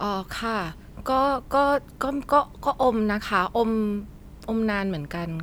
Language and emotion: Thai, neutral